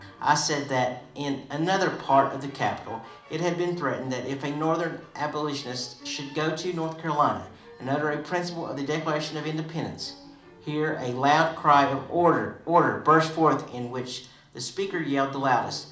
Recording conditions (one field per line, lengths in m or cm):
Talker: one person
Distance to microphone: 2.0 m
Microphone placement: close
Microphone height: 99 cm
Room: medium-sized (5.7 m by 4.0 m)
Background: music